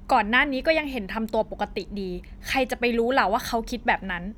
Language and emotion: Thai, frustrated